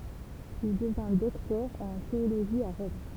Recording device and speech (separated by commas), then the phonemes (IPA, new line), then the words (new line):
temple vibration pickup, read sentence
il dəvɛ̃ dɔktœʁ ɑ̃ teoloʒi a ʁɔm
Il devint docteur en théologie à Rome.